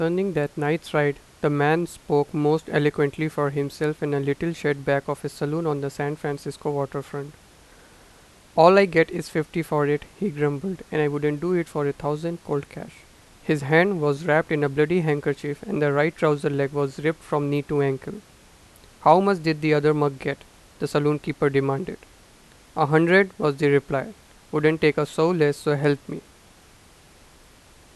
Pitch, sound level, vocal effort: 150 Hz, 88 dB SPL, normal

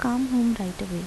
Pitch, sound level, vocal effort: 230 Hz, 78 dB SPL, soft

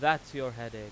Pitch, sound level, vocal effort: 130 Hz, 98 dB SPL, very loud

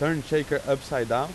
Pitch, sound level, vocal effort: 145 Hz, 93 dB SPL, loud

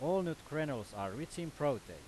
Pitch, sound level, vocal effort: 145 Hz, 93 dB SPL, very loud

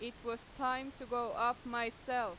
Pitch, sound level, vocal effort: 240 Hz, 93 dB SPL, loud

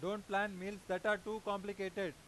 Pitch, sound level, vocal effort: 200 Hz, 97 dB SPL, loud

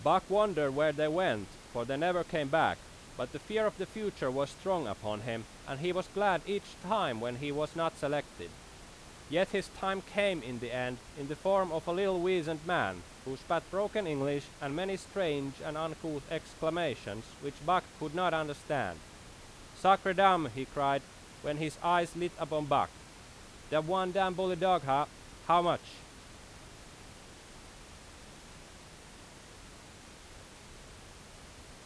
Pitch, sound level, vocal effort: 155 Hz, 93 dB SPL, very loud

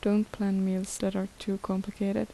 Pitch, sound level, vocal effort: 195 Hz, 74 dB SPL, soft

